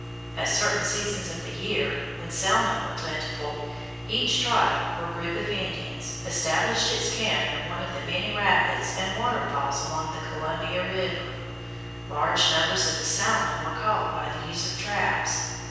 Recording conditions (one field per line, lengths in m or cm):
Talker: one person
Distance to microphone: 7.1 m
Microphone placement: far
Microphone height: 1.7 m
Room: very reverberant, large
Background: none